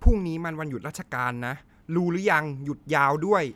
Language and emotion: Thai, frustrated